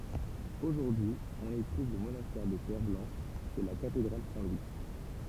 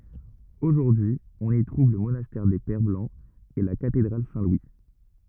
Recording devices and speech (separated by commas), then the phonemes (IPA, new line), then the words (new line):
temple vibration pickup, rigid in-ear microphone, read sentence
oʒuʁdyi ɔ̃n i tʁuv lə monastɛʁ de pɛʁ blɑ̃z e la katedʁal sɛ̃ lwi
Aujourd'hui, on y trouve le monastère des Pères Blancs et la cathédrale Saint-Louis.